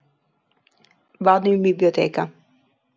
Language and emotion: Italian, neutral